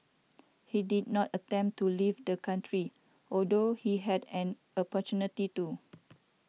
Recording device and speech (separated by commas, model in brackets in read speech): mobile phone (iPhone 6), read sentence